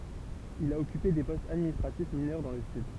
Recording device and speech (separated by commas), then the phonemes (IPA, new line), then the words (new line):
temple vibration pickup, read sentence
il a ɔkype de pɔstz administʁatif minœʁ dɑ̃ lə syd
Il a occupé des postes administratifs mineurs dans le Sud.